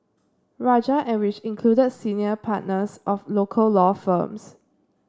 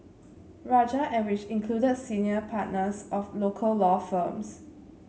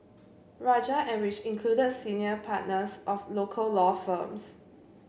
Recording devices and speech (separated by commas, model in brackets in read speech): standing microphone (AKG C214), mobile phone (Samsung C7), boundary microphone (BM630), read sentence